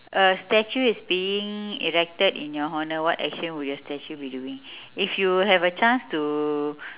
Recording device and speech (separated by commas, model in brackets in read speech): telephone, conversation in separate rooms